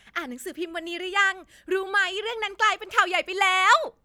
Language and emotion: Thai, happy